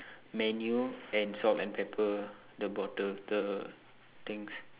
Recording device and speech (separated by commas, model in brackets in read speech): telephone, conversation in separate rooms